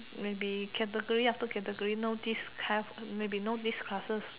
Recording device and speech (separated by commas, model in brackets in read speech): telephone, conversation in separate rooms